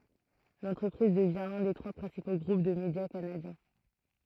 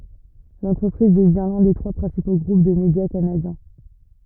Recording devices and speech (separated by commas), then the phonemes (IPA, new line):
throat microphone, rigid in-ear microphone, read sentence
lɑ̃tʁəpʁiz dəvjɛ̃ lœ̃ de tʁwa pʁɛ̃sipo ɡʁup də medja kanadjɛ̃